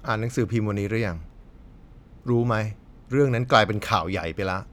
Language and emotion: Thai, neutral